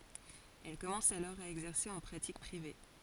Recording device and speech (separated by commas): forehead accelerometer, read sentence